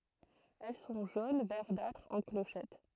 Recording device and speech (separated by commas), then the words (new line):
throat microphone, read sentence
Elles sont jaune verdâtre, en clochettes.